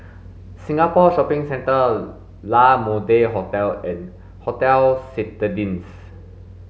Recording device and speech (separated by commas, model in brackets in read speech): mobile phone (Samsung S8), read sentence